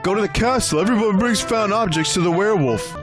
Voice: dumb voice